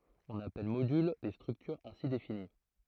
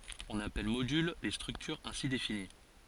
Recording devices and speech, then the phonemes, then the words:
throat microphone, forehead accelerometer, read sentence
ɔ̃n apɛl modyl le stʁyktyʁz ɛ̃si defini
On appelle modules les structures ainsi définies.

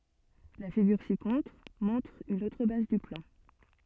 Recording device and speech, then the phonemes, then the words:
soft in-ear microphone, read sentence
la fiɡyʁ sikɔ̃tʁ mɔ̃tʁ yn otʁ baz dy plɑ̃
La figure ci-contre montre une autre base du plan.

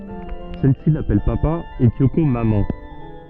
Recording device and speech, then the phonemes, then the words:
soft in-ear microphone, read sentence
sɛl si lapɛl papa e kjoko mamɑ̃
Celle-ci l'appelle papa et Kyoko maman.

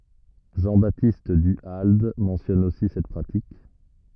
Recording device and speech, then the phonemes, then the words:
rigid in-ear microphone, read sentence
ʒɑ̃ batist dy ald mɑ̃sjɔn osi sɛt pʁatik
Jean-Baptiste Du Halde mentionne aussi cette pratique.

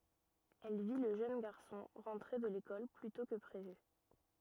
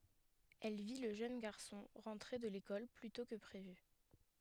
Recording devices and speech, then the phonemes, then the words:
rigid in-ear microphone, headset microphone, read sentence
ɛl vi lə ʒøn ɡaʁsɔ̃ ʁɑ̃tʁe də lekɔl ply tɔ̃ kə pʁevy
Elle vit le jeune garçon rentrer de l'école plus tôt que prévu.

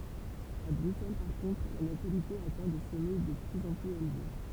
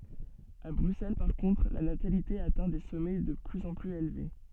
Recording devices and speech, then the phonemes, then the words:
temple vibration pickup, soft in-ear microphone, read sentence
a bʁyksɛl paʁ kɔ̃tʁ la natalite atɛ̃ de sɔmɛ də plyz ɑ̃ plyz elve
À Bruxelles par contre, la natalité atteint des sommets de plus en plus élevés.

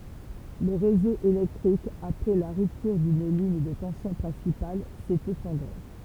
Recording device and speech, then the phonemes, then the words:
temple vibration pickup, read sentence
lə ʁezo elɛktʁik apʁɛ la ʁyptyʁ dyn liɲ də tɑ̃sjɔ̃ pʁɛ̃sipal sɛt efɔ̃dʁe
Le réseau électrique, après la rupture d'une ligne de tension principale, s'est effondré.

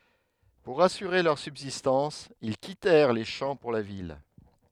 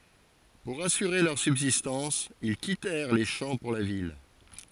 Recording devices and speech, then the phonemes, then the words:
headset microphone, forehead accelerometer, read sentence
puʁ asyʁe lœʁ sybzistɑ̃s il kitɛʁ le ʃɑ̃ puʁ la vil
Pour assurer leur subsistance, ils quittèrent les champs pour la ville.

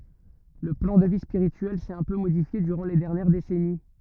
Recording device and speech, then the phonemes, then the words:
rigid in-ear microphone, read sentence
lə plɑ̃ də vi spiʁityɛl sɛt œ̃ pø modifje dyʁɑ̃ le dɛʁnjɛʁ desɛni
Le plan de vie spirituelle s'est un peu modifié durant les dernières décennies.

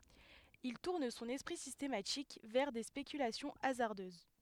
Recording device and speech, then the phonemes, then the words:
headset microphone, read sentence
il tuʁn sɔ̃n ɛspʁi sistematik vɛʁ de spekylasjɔ̃ azaʁdøz
Il tourne son esprit systématique vers des spéculations hasardeuses.

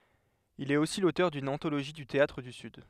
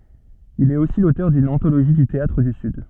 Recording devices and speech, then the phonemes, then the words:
headset microphone, soft in-ear microphone, read sentence
il ɛt osi lotœʁ dyn ɑ̃toloʒi dy teatʁ dy syd
Il est aussi l'auteur d'une anthologie du théâtre du Sud.

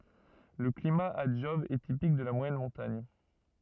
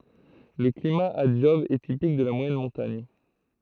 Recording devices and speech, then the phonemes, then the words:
rigid in-ear microphone, throat microphone, read sentence
lə klima a dʒɔb ɛ tipik də la mwajɛn mɔ̃taɲ
Le climat à Job est typique de la moyenne montagne.

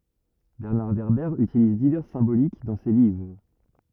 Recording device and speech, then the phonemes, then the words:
rigid in-ear microphone, read sentence
bɛʁnaʁ vɛʁbɛʁ ytiliz divɛʁs sɛ̃bolik dɑ̃ se livʁ
Bernard Werber utilise diverses symboliques dans ses livres.

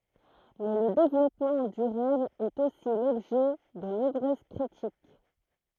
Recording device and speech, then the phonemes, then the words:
throat microphone, read sentence
mɛ lə devlɔpmɑ̃ dyʁabl ɛt osi lɔbʒɛ də nɔ̃bʁøz kʁitik
Mais le développement durable est aussi l'objet de nombreuses critiques.

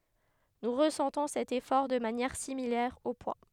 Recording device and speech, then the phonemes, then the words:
headset microphone, read sentence
nu ʁəsɑ̃tɔ̃ sɛt efɔʁ də manjɛʁ similɛʁ o pwa
Nous ressentons cet effort de manière similaire au poids.

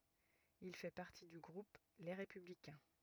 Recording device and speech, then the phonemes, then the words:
rigid in-ear microphone, read sentence
il fɛ paʁti dy ɡʁup le ʁepyblikɛ̃
Il fait partie du groupe Les Républicains.

